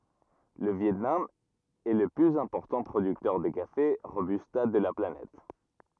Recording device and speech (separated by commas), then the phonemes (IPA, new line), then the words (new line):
rigid in-ear microphone, read sentence
lə vjɛtnam ɛ lə plyz ɛ̃pɔʁtɑ̃ pʁodyktœʁ də kafe ʁobysta də la planɛt
Le Viêt Nam est le plus important producteur de café Robusta de la planète.